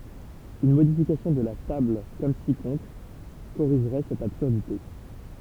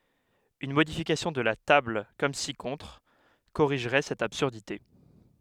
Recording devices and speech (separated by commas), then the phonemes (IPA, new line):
temple vibration pickup, headset microphone, read sentence
yn modifikasjɔ̃ də la tabl kɔm si kɔ̃tʁ koʁiʒʁɛ sɛt absyʁdite